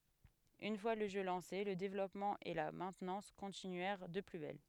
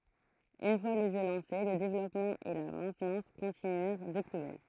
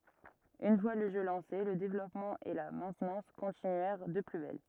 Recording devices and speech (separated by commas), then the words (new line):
headset microphone, throat microphone, rigid in-ear microphone, read sentence
Une fois le jeu lancé, le développement et la maintenance continuèrent de plus belle.